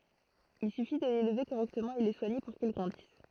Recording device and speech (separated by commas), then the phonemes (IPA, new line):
throat microphone, read sentence
il syfi də lelve koʁɛktəmɑ̃ e lə swaɲe puʁ kil ɡʁɑ̃dis